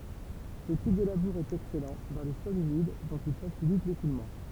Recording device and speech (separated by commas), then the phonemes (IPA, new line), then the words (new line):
temple vibration pickup, read sentence
sə tip də labuʁ ɛt ɛksɛlɑ̃ dɑ̃ le sɔlz ymid dɔ̃t il fasilit lekulmɑ̃
Ce type de labour est excellent dans les sols humides, dont il facilite l'écoulement.